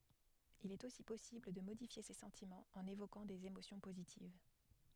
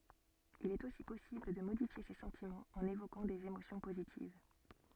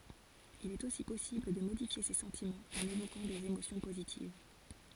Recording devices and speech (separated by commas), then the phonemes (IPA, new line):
headset microphone, soft in-ear microphone, forehead accelerometer, read sentence
il ɛt osi pɔsibl də modifje se sɑ̃timɑ̃z ɑ̃n evokɑ̃ dez emosjɔ̃ pozitiv